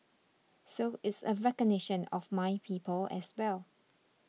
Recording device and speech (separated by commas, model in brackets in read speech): mobile phone (iPhone 6), read sentence